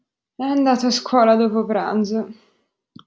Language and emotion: Italian, sad